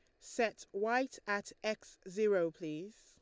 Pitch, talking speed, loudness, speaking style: 210 Hz, 130 wpm, -37 LUFS, Lombard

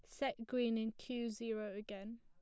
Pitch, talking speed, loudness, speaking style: 230 Hz, 185 wpm, -42 LUFS, plain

